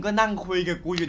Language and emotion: Thai, neutral